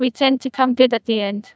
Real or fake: fake